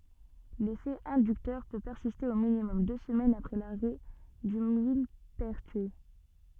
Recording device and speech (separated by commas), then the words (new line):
soft in-ear microphone, read sentence
L'effet inducteur peut persister au minimum deux semaines après l'arrêt du millepertuis.